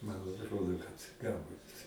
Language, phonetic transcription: Lithuanian, man atˈrodo kad ˈgalbut

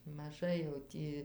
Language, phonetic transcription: Lithuanian, maˈžai jau ˈtį

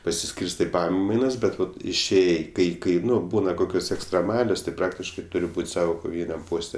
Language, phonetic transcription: Lithuanian, pasiˈskyrstɜ i ˈpamainas ˈbet ˈvat išˈėjai ˈkai ˈkai ˈnu ˈbūna ˈkokios ekstreˈmalios tai ˈpraktiškai ˈturi ˈbūt' ˈsavo koˈvyniam ˈposte

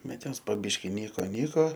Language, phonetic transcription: Lithuanian, ˈbet ˈjos po ˈbiški ˈnyko ˈnyko

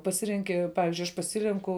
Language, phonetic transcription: Lithuanian, paˈsirenki ˈpavizdžiui aš paˈsirenku

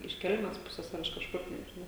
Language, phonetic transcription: Lithuanian, iš ˈkelmes ˈpusės ar iš kažˈkur nežiˈnau

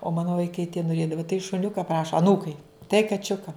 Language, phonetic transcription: Lithuanian, o ˈmanu vaiˈkai tie noˈrėdava tai šuˈniuka ˈpraša aˈnūkai tai kaˈčiuka

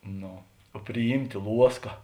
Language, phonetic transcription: Lithuanian, ˈno o priˈjymtė ˈluoska

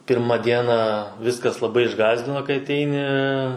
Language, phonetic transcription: Lithuanian, ˈpirma ˈdieną ˈviskas laˈbai išˈgąsdino kai aˈteini

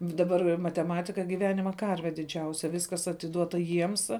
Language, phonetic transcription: Lithuanian, daˈbar mateˈmatika giˈvenima ˈkarve diˈdžiausia ˈviskas atiˈduota ˈjiems

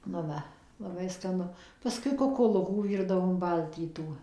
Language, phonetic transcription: Lithuanian, nu ˈva laˈbai skaˈnu paˈskui kukuˈlukų ˈvyrdavom ˈbaltytų

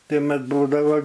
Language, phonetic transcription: Lithuanian, ˈtai mat ˈbūdavo

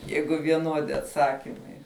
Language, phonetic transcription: Lithuanian, ˈjeigu vieˈnuodi atˈsakimai

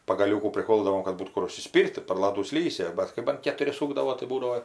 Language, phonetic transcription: Lithuanian, pagaˈliūkų priˈkoldavom kad ˈbūt ˈkur užsiˈspyr't' tai par ˈladų ˈslysi ˈbat kai ban ketuˈri ˈsūkdavo tai ˈbūdavo

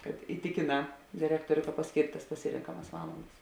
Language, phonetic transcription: Lithuanian, kad iˈtikėˌnā direkˈtoriu ka pasˈkėrt' tas paˈsirenkamas ˈvalandas

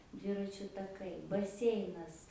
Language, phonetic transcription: Lithuanian, ˈdviračiu taˈkai baˈseinas

